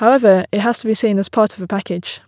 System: none